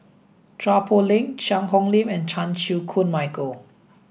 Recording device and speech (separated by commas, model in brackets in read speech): boundary microphone (BM630), read sentence